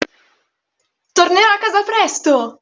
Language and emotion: Italian, happy